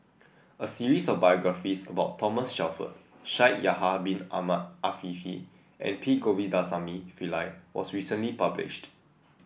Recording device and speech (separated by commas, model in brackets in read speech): boundary microphone (BM630), read sentence